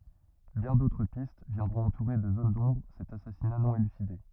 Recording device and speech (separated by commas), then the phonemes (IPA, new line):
rigid in-ear microphone, read sentence
bjɛ̃ dotʁ pist vjɛ̃dʁɔ̃t ɑ̃tuʁe də zon dɔ̃bʁ sɛt asasina nɔ̃ elyside